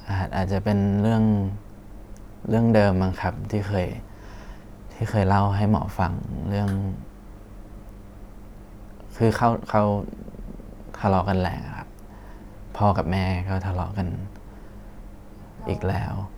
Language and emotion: Thai, sad